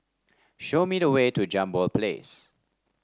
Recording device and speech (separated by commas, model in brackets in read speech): standing microphone (AKG C214), read sentence